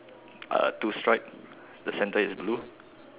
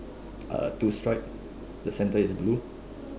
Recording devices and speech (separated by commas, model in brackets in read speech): telephone, standing microphone, conversation in separate rooms